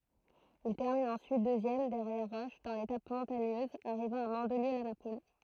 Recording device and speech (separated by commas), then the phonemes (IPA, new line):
throat microphone, read sentence
il tɛʁmin ɑ̃syit døzjɛm dɛʁjɛʁ ʁɔʃ dɑ̃ letap mɔ̃taɲøz aʁivɑ̃ a mɑ̃dliø la napul